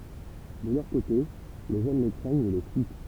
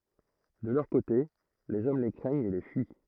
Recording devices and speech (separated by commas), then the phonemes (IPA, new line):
temple vibration pickup, throat microphone, read sentence
də lœʁ kote lez ɔm le kʁɛɲt e le fyi